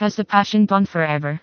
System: TTS, vocoder